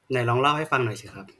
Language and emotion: Thai, neutral